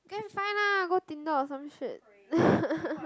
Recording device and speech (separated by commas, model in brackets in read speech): close-talking microphone, conversation in the same room